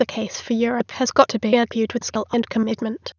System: TTS, waveform concatenation